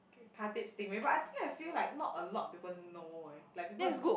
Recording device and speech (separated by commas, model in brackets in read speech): boundary microphone, conversation in the same room